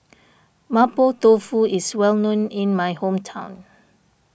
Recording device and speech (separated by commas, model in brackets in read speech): boundary microphone (BM630), read sentence